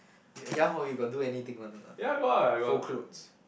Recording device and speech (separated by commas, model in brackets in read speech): boundary microphone, conversation in the same room